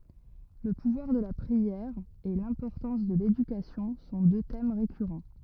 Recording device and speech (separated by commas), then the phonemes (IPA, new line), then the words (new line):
rigid in-ear microphone, read sentence
lə puvwaʁ də la pʁiɛʁ e lɛ̃pɔʁtɑ̃s də ledykasjɔ̃ sɔ̃ dø tɛm ʁekyʁɑ̃
Le pouvoir de la prière et l'importance de l'éducation sont deux thèmes récurrents.